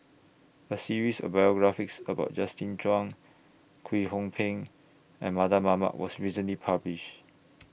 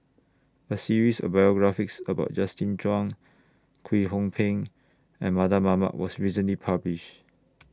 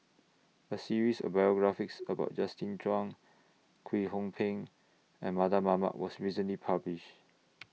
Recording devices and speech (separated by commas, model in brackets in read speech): boundary microphone (BM630), standing microphone (AKG C214), mobile phone (iPhone 6), read sentence